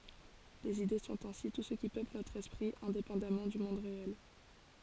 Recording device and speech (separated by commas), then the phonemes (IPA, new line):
forehead accelerometer, read sentence
lez ide sɔ̃t ɛ̃si tu sə ki pøpl notʁ ɛspʁi ɛ̃depɑ̃damɑ̃ dy mɔ̃d ʁeɛl